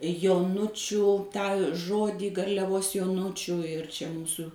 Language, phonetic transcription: Lithuanian, joˈnučiu tą ˈžodį garliaˈvos joˈnučiu ir ˈčia ˈmūsu

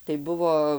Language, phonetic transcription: Lithuanian, tai ˈbuvo

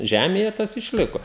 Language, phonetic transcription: Lithuanian, ˈžemėje ˈtas išˈliko

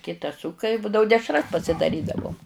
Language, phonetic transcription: Lithuanian, ˈkitas ˈsuka i ˈbūdavu ˈdešras pasidaˈrydavom

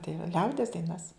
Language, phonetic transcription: Lithuanian, tai va ˈliaudies daiˈnas

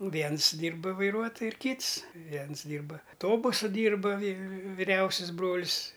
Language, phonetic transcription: Lithuanian, ˈviens ˈdyrba vaiˈruotoju ir ˈkyts ˈviens ˈdyrba ˈtobusu ˈdyrba vi viˈriausis ˈbrol's'

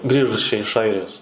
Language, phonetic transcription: Lithuanian, ˈgrįžus čia iš ˈairijos

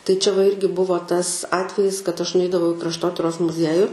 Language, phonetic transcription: Lithuanian, tai ˈčia va ˈirgi ˈbuvo ˈtas ˈatvejis kad ˈaš nuˈeidavau i krašˈtotiros muˈzieju

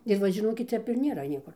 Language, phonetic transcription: Lithuanian, ir ˈva žiˈnokit ˈtep ir nėˈra ˈniekur

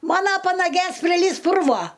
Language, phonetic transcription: Lithuanian, ˈmano panaˈgės priˈlįs ˈpurvo

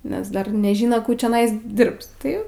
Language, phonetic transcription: Lithuanian, nes ˈdar neˈžino ˈkų čioˈnais ˈdirbs ˈtai

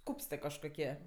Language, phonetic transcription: Lithuanian, ˈkūpstɜ kažkoˈkie

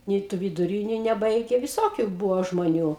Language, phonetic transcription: Lithuanian, ˈnei tu viduˈryniu neˈbaige viˈsokiu ˈbūvo žmoˈnių

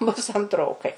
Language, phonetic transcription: Lithuanian, bus antˈrokai

